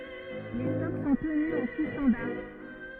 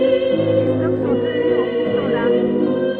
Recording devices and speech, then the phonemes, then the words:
rigid in-ear microphone, soft in-ear microphone, read sentence
le stɔk sɔ̃ təny ɑ̃ ku stɑ̃daʁ
Les stocks sont tenus en coûts standards.

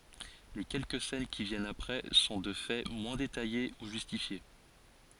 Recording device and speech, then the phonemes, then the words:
forehead accelerometer, read sentence
le kɛlkə sɛn ki vjɛnt apʁɛ sɔ̃ də fɛ mwɛ̃ detaje u ʒystifje
Les quelques scènes qui viennent après sont de fait moins détaillées ou justifiées.

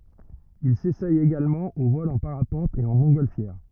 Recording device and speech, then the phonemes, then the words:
rigid in-ear microphone, read sentence
il sesɛ eɡalmɑ̃ o vɔl ɑ̃ paʁapɑ̃t e ɑ̃ mɔ̃tɡɔlfjɛʁ
Il s'essaie également au vol en parapente et en montgolfière.

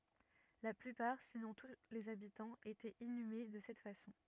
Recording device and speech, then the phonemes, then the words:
rigid in-ear microphone, read sentence
la plypaʁ sinɔ̃ tu lez abitɑ̃z etɛt inyme də sɛt fasɔ̃
La plupart, sinon tous les habitants, étaient inhumés de cette façon.

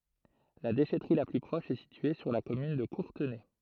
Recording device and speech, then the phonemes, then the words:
throat microphone, read sentence
la deʃɛtʁi la ply pʁɔʃ ɛ sitye syʁ la kɔmyn də kuʁtənɛ
La déchèterie la plus proche est située sur la commune de Courtenay.

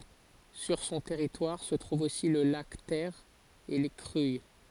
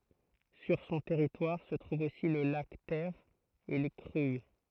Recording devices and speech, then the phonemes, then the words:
forehead accelerometer, throat microphone, read sentence
syʁ sɔ̃ tɛʁitwaʁ sə tʁuv osi lə lak tɛʁ e le kʁyij
Sur son territoire se trouve aussi le lac Ter et les Cruilles.

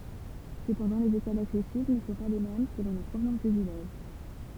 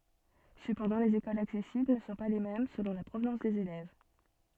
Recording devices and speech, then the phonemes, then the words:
temple vibration pickup, soft in-ear microphone, read sentence
səpɑ̃dɑ̃ lez ekolz aksɛsibl nə sɔ̃ pa le mɛm səlɔ̃ la pʁovnɑ̃s dez elɛv
Cependant, les écoles accessibles ne sont pas les mêmes selon la provenance des élèves.

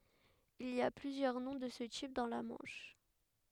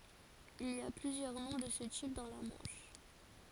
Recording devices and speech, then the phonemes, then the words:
headset microphone, forehead accelerometer, read sentence
il i a plyzjœʁ nɔ̃ də sə tip dɑ̃ la mɑ̃ʃ
Il y a plusieurs noms de ce type dans la Manche.

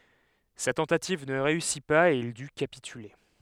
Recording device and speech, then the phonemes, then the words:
headset microphone, read sentence
sa tɑ̃tativ nə ʁeysi paz e il dy kapityle
Sa tentative ne réussit pas et il dut capituler.

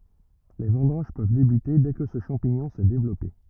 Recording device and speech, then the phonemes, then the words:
rigid in-ear microphone, read sentence
le vɑ̃dɑ̃ʒ pøv debyte dɛ kə sə ʃɑ̃piɲɔ̃ sɛ devlɔpe
Les vendanges peuvent débuter dès que ce champignon s'est développé.

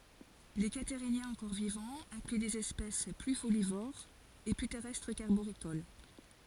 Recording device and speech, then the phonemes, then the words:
forehead accelerometer, read sentence
le kataʁinjɛ̃z ɑ̃kɔʁ vivɑ̃z ɛ̃kly dez ɛspɛs ply folivoʁz e ply tɛʁɛstʁ kaʁboʁikol
Les Catarhiniens encore vivants incluent des espèces plus folivores et plus terrestres qu'arboricoles.

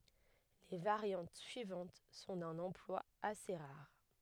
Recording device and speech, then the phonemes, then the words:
headset microphone, read sentence
le vaʁjɑ̃t syivɑ̃t sɔ̃ dœ̃n ɑ̃plwa ase ʁaʁ
Les variantes suivantes sont d'un emploi assez rare.

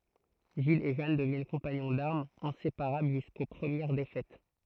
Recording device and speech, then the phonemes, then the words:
throat microphone, read sentence
ʒil e ʒan dəvjɛn kɔ̃paɲɔ̃ daʁmz ɛ̃sepaʁabl ʒysko pʁəmjɛʁ defɛt
Gilles et Jeanne deviennent compagnons d'armes, inséparables jusqu'aux premières défaites.

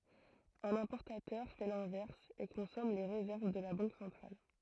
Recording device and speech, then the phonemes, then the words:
throat microphone, read sentence
œ̃n ɛ̃pɔʁtatœʁ fɛ lɛ̃vɛʁs e kɔ̃sɔm le ʁezɛʁv də la bɑ̃k sɑ̃tʁal
Un importateur fait l'inverse, et consomme les réserves de la banque centrale.

